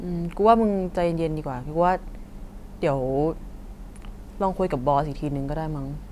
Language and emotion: Thai, neutral